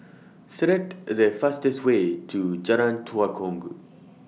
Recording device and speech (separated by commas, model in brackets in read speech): mobile phone (iPhone 6), read sentence